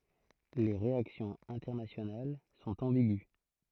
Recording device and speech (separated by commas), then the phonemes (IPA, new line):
throat microphone, read sentence
le ʁeaksjɔ̃z ɛ̃tɛʁnasjonal sɔ̃t ɑ̃biɡy